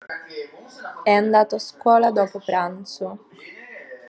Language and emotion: Italian, neutral